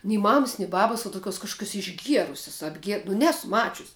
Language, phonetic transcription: Lithuanian, nei ˈmamas ni ˈbabas uo tuˈkiuos kažkuˈkiuos išˈgierusias apˈgie nu ˈnesu ˈmačius'

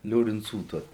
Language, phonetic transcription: Lithuanian, liorinˈcų ˈtuos

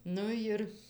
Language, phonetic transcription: Lithuanian, ˈnu jir

